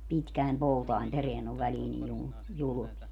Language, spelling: Finnish, pitkien poutien perään on väliin niin - julmia
- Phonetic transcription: 'pitkä̀em 'poutaim 'pereän ‿ov 'välii nij 'julm- , 'julu(mia) .

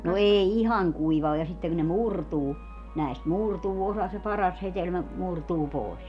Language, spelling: Finnish, no ei ihan kuiva ole ja sitten kun ne murtuu näistä murtuu osa se paras hedelmä murtuu pois
- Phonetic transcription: no 'ee "ihaŋ 'kuiva o ja siteŋ ku ne "murtuu , 'näist "murtuu 'osa se "paras 'hetelmä , 'murtuu 'pòes .

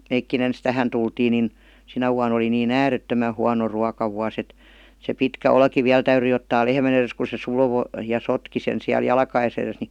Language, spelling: Finnish, mekin ensin tähän tultiin niin sinä vuonna oli niin äärettömän huono ruokavuosi että se pitkä olki vielä täytyi ottaa lehmän edestä kun se survoi ja sotki sen siellä jalkojensa edessä niin
- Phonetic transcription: 'meikki'n ‿ens "tähän tultiin nin , 'sinä vuan ‿oli nii"n ‿äärettömä huano 'ruakavua's ‿et , se 'pitkä 'olki 'viäl täyryi ottaa 'lehmän ‿eres ku se 'suð§vo , ja 'sotki sen siäl "jalkaʲes ‿eres ni .

